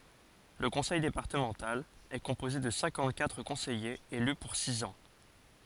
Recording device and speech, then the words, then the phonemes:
forehead accelerometer, read sentence
Le conseil départemental est composé de cinquante-quatre conseillers élus pour six ans.
lə kɔ̃sɛj depaʁtəmɑ̃tal ɛ kɔ̃poze də sɛ̃kɑ̃t katʁ kɔ̃sɛjez ely puʁ siz ɑ̃

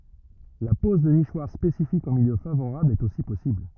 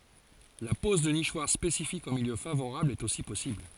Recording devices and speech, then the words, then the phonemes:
rigid in-ear microphone, forehead accelerometer, read sentence
La pose de nichoirs spécifiques en milieu favorable est aussi possible.
la pɔz də niʃwaʁ spesifikz ɑ̃ miljø favoʁabl ɛt osi pɔsibl

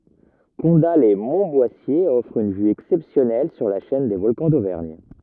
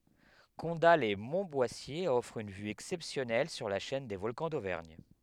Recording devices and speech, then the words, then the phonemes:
rigid in-ear microphone, headset microphone, read sentence
Condat-lès-Montboissier offre une vue exceptionnelle sur la chaîne des Volcans d'Auvergne.
kɔ̃datlɛsmɔ̃tbwasje ɔfʁ yn vy ɛksɛpsjɔnɛl syʁ la ʃɛn de vɔlkɑ̃ dovɛʁɲ

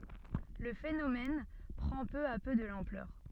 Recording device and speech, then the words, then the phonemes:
soft in-ear microphone, read sentence
Le phénomène prend peu à peu de l'ampleur.
lə fenomɛn pʁɑ̃ pø a pø də lɑ̃plœʁ

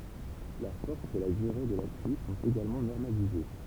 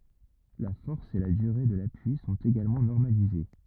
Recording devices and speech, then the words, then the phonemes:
temple vibration pickup, rigid in-ear microphone, read sentence
La force et la durée de l'appui sont également normalisées.
la fɔʁs e la dyʁe də lapyi sɔ̃t eɡalmɑ̃ nɔʁmalize

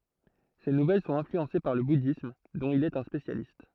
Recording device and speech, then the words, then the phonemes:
throat microphone, read sentence
Ses nouvelles sont influencées par le bouddhisme, dont il est un spécialiste.
se nuvɛl sɔ̃t ɛ̃flyɑ̃se paʁ lə budism dɔ̃t il ɛt œ̃ spesjalist

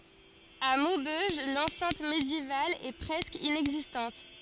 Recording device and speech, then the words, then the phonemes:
forehead accelerometer, read sentence
À Maubeuge, l’enceinte médiévale est presque inexistante.
a mobøʒ lɑ̃sɛ̃t medjeval ɛ pʁɛskə inɛɡzistɑ̃t

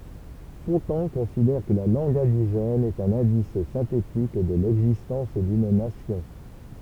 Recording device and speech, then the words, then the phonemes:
temple vibration pickup, read sentence
Fontan considère que la langue indigène est un indice synthétique de l'existence d'une nation.
fɔ̃tɑ̃ kɔ̃sidɛʁ kə la lɑ̃ɡ ɛ̃diʒɛn ɛt œ̃n ɛ̃dis sɛ̃tetik də lɛɡzistɑ̃s dyn nasjɔ̃

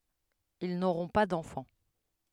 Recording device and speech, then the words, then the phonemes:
headset microphone, read sentence
Ils n'auront pas d'enfant.
il noʁɔ̃ pa dɑ̃fɑ̃

